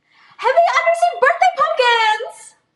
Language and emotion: English, happy